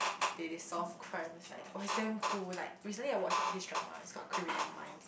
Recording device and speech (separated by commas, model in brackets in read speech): boundary microphone, conversation in the same room